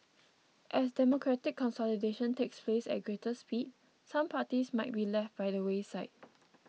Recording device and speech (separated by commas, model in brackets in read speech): mobile phone (iPhone 6), read sentence